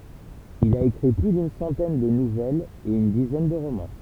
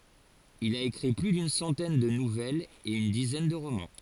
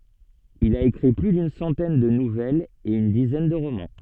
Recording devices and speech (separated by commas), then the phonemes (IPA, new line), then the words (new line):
temple vibration pickup, forehead accelerometer, soft in-ear microphone, read sentence
il a ekʁi ply dyn sɑ̃tɛn də nuvɛlz e yn dizɛn də ʁomɑ̃
Il a écrit plus d'une centaine de nouvelles et une dizaine de romans.